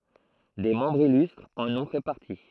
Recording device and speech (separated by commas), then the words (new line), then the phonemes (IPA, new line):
throat microphone, read sentence
Des membres illustres en ont fait partie.
de mɑ̃bʁz ilystʁz ɑ̃n ɔ̃ fɛ paʁti